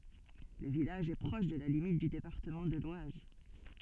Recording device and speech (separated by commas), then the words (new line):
soft in-ear microphone, read sentence
Le village est proche de la limite du département de l'Oise.